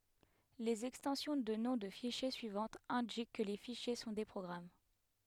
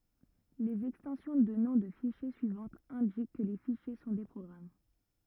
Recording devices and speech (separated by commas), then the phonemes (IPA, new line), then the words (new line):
headset microphone, rigid in-ear microphone, read sentence
lez ɛkstɑ̃sjɔ̃ də nɔ̃ də fiʃje syivɑ̃tz ɛ̃dik kə le fiʃje sɔ̃ de pʁɔɡʁam
Les extensions de noms de fichiers suivantes indiquent que les fichiers sont des programmes.